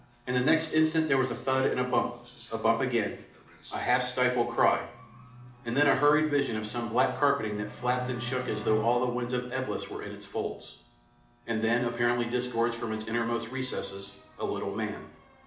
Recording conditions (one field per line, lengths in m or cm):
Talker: one person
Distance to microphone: 2.0 m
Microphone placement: close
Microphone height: 99 cm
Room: medium-sized (5.7 m by 4.0 m)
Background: television